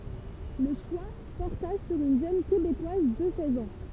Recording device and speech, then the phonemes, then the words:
temple vibration pickup, read sentence
lə ʃwa pɔʁta syʁ yn ʒøn kebekwaz də sɛz ɑ̃
Le choix porta sur une jeune Québécoise de seize ans.

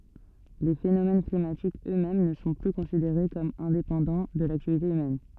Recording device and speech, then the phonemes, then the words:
soft in-ear microphone, read sentence
le fenomɛn klimatikz ø mɛm nə sɔ̃ ply kɔ̃sideʁe kɔm ɛ̃depɑ̃dɑ̃ də laktivite ymɛn
Les phénomènes climatiques eux-mêmes ne sont plus considérés comme indépendants de l'activité humaine.

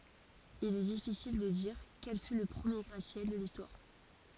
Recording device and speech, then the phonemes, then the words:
forehead accelerometer, read sentence
il ɛ difisil də diʁ kɛl fy lə pʁəmje ɡʁatəsjɛl də listwaʁ
Il est difficile de dire quel fut le premier gratte-ciel de l’Histoire.

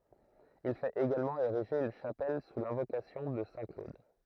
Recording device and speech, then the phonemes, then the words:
throat microphone, read sentence
il fɛt eɡalmɑ̃ eʁiʒe yn ʃapɛl su lɛ̃vokasjɔ̃ də sɛ̃ klod
Il fait également ériger une chapelle sous l’invocation de saint Claude.

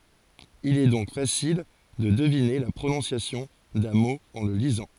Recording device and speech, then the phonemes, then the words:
forehead accelerometer, read sentence
il ɛ dɔ̃k fasil də dəvine la pʁonɔ̃sjasjɔ̃ dœ̃ mo ɑ̃ lə lizɑ̃
Il est donc facile de deviner la prononciation d'un mot en le lisant.

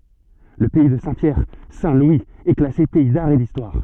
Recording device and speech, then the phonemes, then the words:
soft in-ear microphone, read sentence
lə pɛi də sɛ̃tpjɛʁ sɛ̃tlwiz ɛ klase pɛi daʁ e distwaʁ
Le pays de Saint-Pierre - Saint-Louis est classé pays d'art et d'histoire.

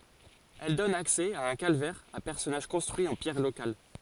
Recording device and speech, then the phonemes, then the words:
forehead accelerometer, read sentence
ɛl dɔn aksɛ a œ̃ kalvɛʁ a pɛʁsɔnaʒ kɔ̃stʁyi ɑ̃ pjɛʁ lokal
Elle donne accès à un calvaire à personnages construit en pierres locales.

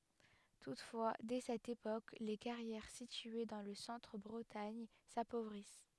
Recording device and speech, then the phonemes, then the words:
headset microphone, read sentence
tutfwa dɛ sɛt epok le kaʁjɛʁ sitye dɑ̃ lə sɑ̃tʁ bʁətaɲ sapovʁis
Toutefois, dès cette époque, les carrières situées dans le centre Bretagne s'appauvrissent.

